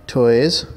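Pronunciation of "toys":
'toys' is pronounced correctly here.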